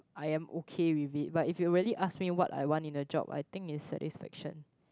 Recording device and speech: close-talking microphone, conversation in the same room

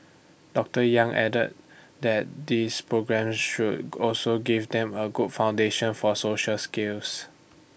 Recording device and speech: boundary microphone (BM630), read sentence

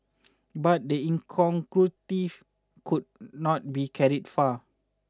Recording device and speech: standing microphone (AKG C214), read sentence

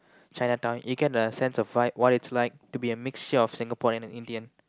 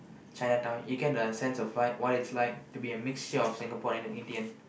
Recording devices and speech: close-talking microphone, boundary microphone, conversation in the same room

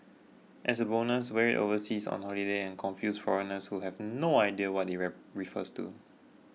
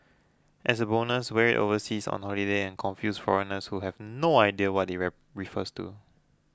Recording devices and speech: mobile phone (iPhone 6), close-talking microphone (WH20), read sentence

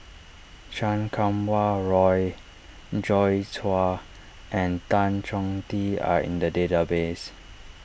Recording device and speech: boundary microphone (BM630), read sentence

